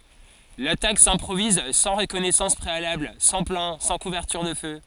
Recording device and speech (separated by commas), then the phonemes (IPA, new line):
forehead accelerometer, read sentence
latak sɛ̃pʁoviz sɑ̃ ʁəkɔnɛsɑ̃s pʁealabl sɑ̃ plɑ̃ sɑ̃ kuvɛʁtyʁ də fø